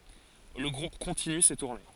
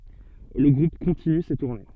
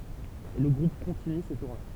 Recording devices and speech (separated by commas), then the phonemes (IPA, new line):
forehead accelerometer, soft in-ear microphone, temple vibration pickup, read sentence
lə ɡʁup kɔ̃tiny se tuʁne